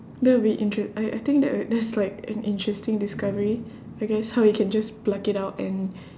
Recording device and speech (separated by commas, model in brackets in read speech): standing microphone, conversation in separate rooms